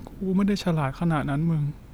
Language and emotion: Thai, sad